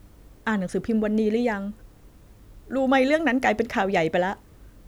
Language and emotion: Thai, sad